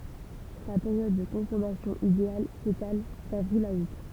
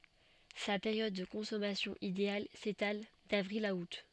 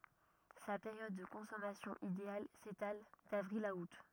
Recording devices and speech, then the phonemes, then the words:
temple vibration pickup, soft in-ear microphone, rigid in-ear microphone, read sentence
sa peʁjɔd də kɔ̃sɔmasjɔ̃ ideal setal davʁil a ut
Sa période de consommation idéale s'étale d'avril à août.

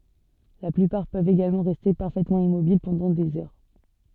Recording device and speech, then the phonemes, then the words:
soft in-ear microphone, read sentence
la plypaʁ pøvt eɡalmɑ̃ ʁɛste paʁfɛtmɑ̃ immobil pɑ̃dɑ̃ dez œʁ
La plupart peuvent également rester parfaitement immobiles pendant des heures.

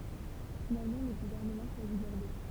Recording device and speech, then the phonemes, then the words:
temple vibration pickup, read sentence
finalmɑ̃ lə ɡuvɛʁnəmɑ̃ ʃwazi bɔʁdo
Finalement le gouvernement choisit Bordeaux.

